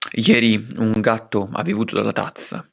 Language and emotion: Italian, angry